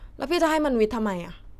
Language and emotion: Thai, frustrated